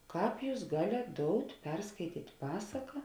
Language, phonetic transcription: Lithuanian, ˈkāp ˈjūs ˈgalėt ˈdout' ˈperskaityt' ˈpasaka

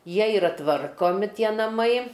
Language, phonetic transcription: Lithuanian, ˈjie iˈra ˈtvarkomi ˈtie naˈmai

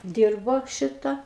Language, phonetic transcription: Lithuanian, ˈdyrbo ˈšita

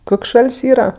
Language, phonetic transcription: Lithuanian, ˈkok' ˈšal's' ˈyra

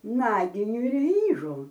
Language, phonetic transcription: Lithuanian, ˈnaginiu ir ˈvyžu

